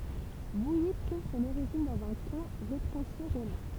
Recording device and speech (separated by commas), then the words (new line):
temple vibration pickup, read sentence
Vouilly trouve son origine dans un camp retranché romain.